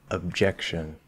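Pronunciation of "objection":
In 'objection', the b is held, with no strong cutoff, and the next sound flows gently out of it.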